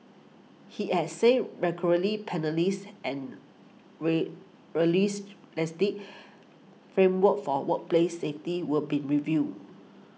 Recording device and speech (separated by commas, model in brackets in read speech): mobile phone (iPhone 6), read sentence